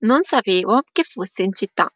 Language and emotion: Italian, neutral